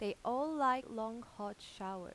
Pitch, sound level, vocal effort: 220 Hz, 89 dB SPL, normal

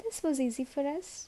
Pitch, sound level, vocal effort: 285 Hz, 74 dB SPL, soft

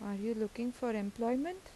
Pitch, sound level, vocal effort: 230 Hz, 82 dB SPL, soft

